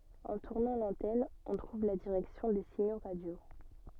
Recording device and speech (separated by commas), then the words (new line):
soft in-ear microphone, read sentence
En tournant l'antenne, on trouve la direction des signaux radios.